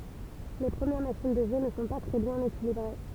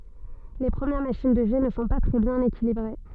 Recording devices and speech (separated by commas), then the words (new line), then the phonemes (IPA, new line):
temple vibration pickup, soft in-ear microphone, read sentence
Les premières machines de jet ne sont pas très bien équilibrées.
le pʁəmjɛʁ maʃin də ʒɛ nə sɔ̃ pa tʁɛ bjɛ̃n ekilibʁe